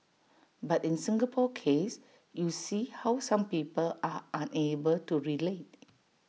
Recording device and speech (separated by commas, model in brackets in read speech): mobile phone (iPhone 6), read sentence